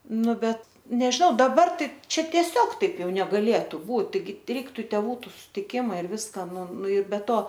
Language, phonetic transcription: Lithuanian, ˈnu ˈbet nežiˈnau daˈbar ˈtai ˈčia tieˈsiog ˈtaip ˈjau negaˈlėtu ˈbūt taiˈgi ˈreiktu ˈtevų sutiˈkima ir ˈviska ˈnu ˈnu ir be ˈto

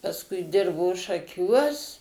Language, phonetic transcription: Lithuanian, pasˈkui ˈdirbo šaˈkiuos

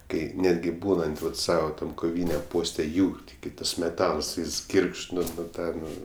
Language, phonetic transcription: Lithuanian, ˈkai ˈnetgi ˈbūnant ˈvat ˈsava ˈtam koˈvyniam ˈposte ˈjūr tiˈgi ˈtas meˈtals ˈjis ˈgyrgžd ˈnu nu ˈtą ˈnu

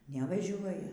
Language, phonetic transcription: Lithuanian, nevaˈžiuoja

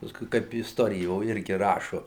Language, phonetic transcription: Lithuanian, paˈskui ˈkaip isˈtorijo ˈirgi ˈrašu

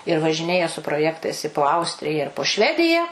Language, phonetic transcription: Lithuanian, ir važiˈnėja su proˈjektais i po ˈaustrija ir po ˈšvedija

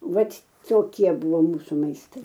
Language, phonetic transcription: Lithuanian, ˈvat toˈkie ˈbuvo ˈmūsu maisˈtai

